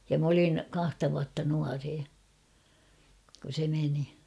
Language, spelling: Finnish, ja minä olin kahta vuotta nuorempi kun se meni
- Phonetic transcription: ja m ‿olin , 'kahta vuatta 'nuaree , kun̬ se meni .

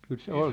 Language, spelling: Finnish, kyllä se oli se
- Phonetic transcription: 'kyl se "ol se ,.

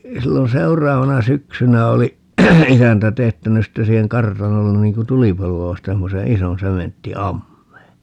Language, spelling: Finnish, silloin seuraavana syksynä oli isäntä teettänyt sitten siihen kartanolle niin kuin tulipaloa vasten semmoisen ison sementtiammeen
- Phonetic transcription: 'sillon 'seur̀aavana "syksynä oli , "isäntä 'teettänys 'sitte siiheŋ "kartanollen niŋ ku "tulipalu₍a vasten 'semmose "ison 'sementti₍"ammee .

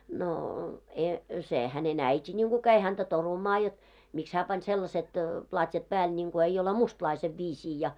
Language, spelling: Finnish, no - se hänen äiti niin kuin kävi häntä torumaan jotta miksi hän pani sellaiset platjat päälle niin kuin ei ole mustalaisen viisiin ja
- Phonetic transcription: noo , e- , se , häne'n ‿äiti ńiŋɢu käi häntä 'torumaa jot , miks 'hää pan 'sellaset , 'plat́jat pääl ńiŋɢo 'eiʲ ‿ole "mustlaisev 'viisii ja .

